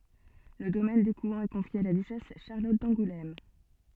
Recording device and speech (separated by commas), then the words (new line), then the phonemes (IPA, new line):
soft in-ear microphone, read sentence
Le domaine d'Écouen est confié à la duchesse Charlotte d'Angoulême.
lə domɛn dekwɛ̃ ɛ kɔ̃fje a la dyʃɛs ʃaʁlɔt dɑ̃ɡulɛm